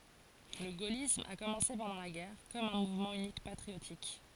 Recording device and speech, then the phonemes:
forehead accelerometer, read sentence
lə ɡolism a kɔmɑ̃se pɑ̃dɑ̃ la ɡɛʁ kɔm œ̃ muvmɑ̃ ynikmɑ̃ patʁiotik

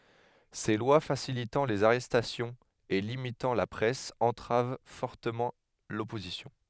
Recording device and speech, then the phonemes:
headset microphone, read sentence
se lwa fasilitɑ̃ lez aʁɛstasjɔ̃z e limitɑ̃ la pʁɛs ɑ̃tʁav fɔʁtəmɑ̃ lɔpozisjɔ̃

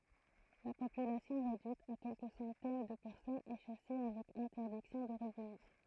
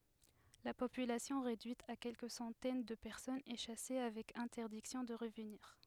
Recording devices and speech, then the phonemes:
throat microphone, headset microphone, read sentence
la popylasjɔ̃ ʁedyit a kɛlkə sɑ̃tɛn də pɛʁsɔnz ɛ ʃase avɛk ɛ̃tɛʁdiksjɔ̃ də ʁəvniʁ

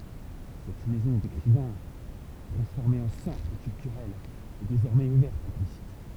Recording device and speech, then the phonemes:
temple vibration pickup, read sentence
sɛt mɛzɔ̃ dekʁivɛ̃ tʁɑ̃sfɔʁme ɑ̃ sɑ̃tʁ kyltyʁɛl ɛ dezɔʁmɛz uvɛʁt a la vizit

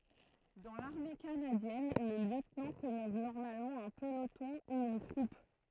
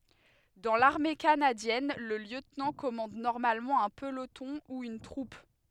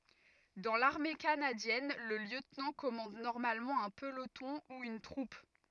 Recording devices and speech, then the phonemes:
throat microphone, headset microphone, rigid in-ear microphone, read sentence
dɑ̃ laʁme kanadjɛn lə ljøtnɑ̃ kɔmɑ̃d nɔʁmalmɑ̃ œ̃ pəlotɔ̃ u yn tʁup

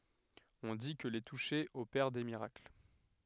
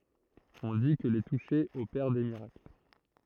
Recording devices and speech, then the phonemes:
headset microphone, throat microphone, read sentence
ɔ̃ di kə le tuʃe opɛʁ de miʁakl

